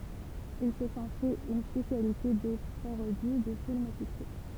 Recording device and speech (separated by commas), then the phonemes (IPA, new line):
temple vibration pickup, read sentence
il sə sɔ̃ fɛt yn spesjalite de paʁodi də filmz a syksɛ